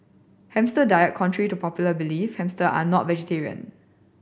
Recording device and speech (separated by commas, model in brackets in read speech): boundary microphone (BM630), read sentence